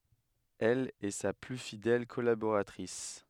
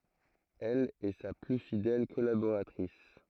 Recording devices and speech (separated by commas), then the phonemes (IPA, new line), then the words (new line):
headset microphone, throat microphone, read sentence
ɛl ɛ sa ply fidɛl kɔlaboʁatʁis
Elle est sa plus fidèle collaboratrice.